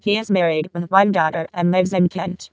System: VC, vocoder